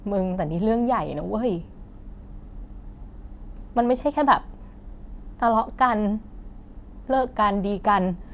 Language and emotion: Thai, sad